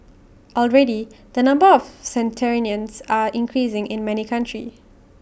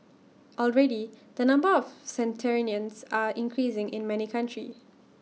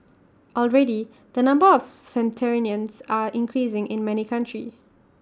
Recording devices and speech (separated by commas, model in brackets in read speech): boundary microphone (BM630), mobile phone (iPhone 6), standing microphone (AKG C214), read sentence